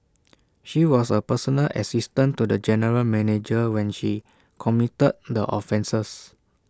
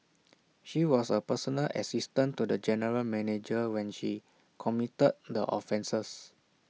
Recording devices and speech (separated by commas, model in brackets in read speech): standing microphone (AKG C214), mobile phone (iPhone 6), read sentence